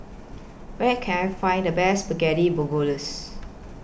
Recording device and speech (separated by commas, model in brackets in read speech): boundary microphone (BM630), read sentence